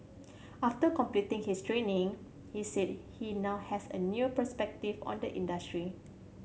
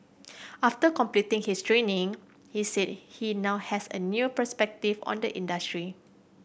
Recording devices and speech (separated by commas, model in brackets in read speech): mobile phone (Samsung C7100), boundary microphone (BM630), read sentence